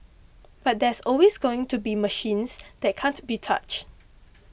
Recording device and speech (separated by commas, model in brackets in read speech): boundary microphone (BM630), read sentence